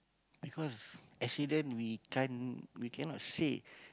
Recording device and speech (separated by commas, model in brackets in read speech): close-talking microphone, conversation in the same room